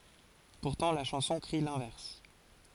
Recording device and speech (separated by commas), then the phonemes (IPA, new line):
forehead accelerometer, read sentence
puʁtɑ̃ la ʃɑ̃sɔ̃ kʁi lɛ̃vɛʁs